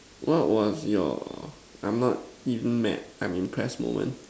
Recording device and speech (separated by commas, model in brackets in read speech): standing microphone, conversation in separate rooms